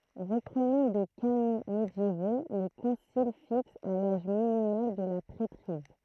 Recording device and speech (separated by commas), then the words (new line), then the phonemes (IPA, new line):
throat microphone, read sentence
Reprenant des canons médiévaux, le concile fixe à l'âge minimal de la prêtrise.
ʁəpʁənɑ̃ de kanɔ̃ medjevo lə kɔ̃sil fiks a laʒ minimal də la pʁɛtʁiz